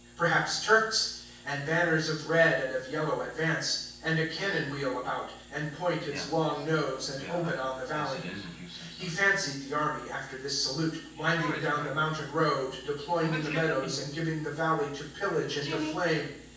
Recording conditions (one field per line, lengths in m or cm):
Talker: one person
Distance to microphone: 9.8 m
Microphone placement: far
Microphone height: 1.8 m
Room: large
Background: television